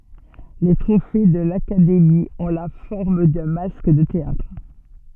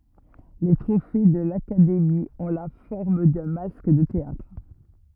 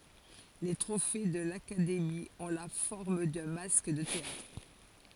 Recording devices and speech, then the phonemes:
soft in-ear microphone, rigid in-ear microphone, forehead accelerometer, read sentence
le tʁofe də lakademi ɔ̃ la fɔʁm dœ̃ mask də teatʁ

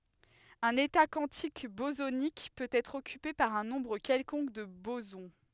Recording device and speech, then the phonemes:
headset microphone, read sentence
œ̃n eta kwɑ̃tik bozonik pøt ɛtʁ ɔkype paʁ œ̃ nɔ̃bʁ kɛlkɔ̃k də bozɔ̃

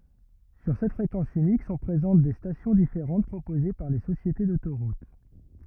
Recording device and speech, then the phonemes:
rigid in-ear microphone, read sentence
syʁ sɛt fʁekɑ̃s ynik sɔ̃ pʁezɑ̃t de stasjɔ̃ difeʁɑ̃t pʁopoze paʁ le sosjete dotoʁut

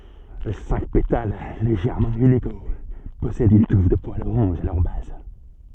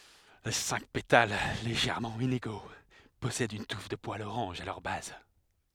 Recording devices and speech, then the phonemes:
soft in-ear microphone, headset microphone, read sentence
le sɛ̃k petal leʒɛʁmɑ̃ ineɡo pɔsɛdt yn tuf də pwalz oʁɑ̃ʒ a lœʁ baz

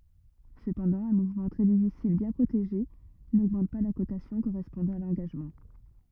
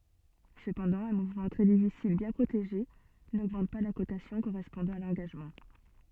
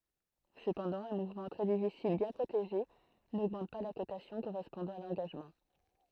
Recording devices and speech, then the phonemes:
rigid in-ear microphone, soft in-ear microphone, throat microphone, read sentence
səpɑ̃dɑ̃ œ̃ muvmɑ̃ tʁɛ difisil bjɛ̃ pʁoteʒe noɡmɑ̃t pa la kotasjɔ̃ koʁɛspɔ̃dɑ̃ a lɑ̃ɡaʒmɑ̃

